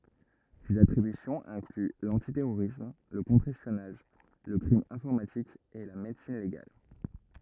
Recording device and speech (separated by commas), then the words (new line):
rigid in-ear microphone, read sentence
Ses attributions incluent l'antiterrorisme, le contre-espionnage, le crime informatique et la médecine légale.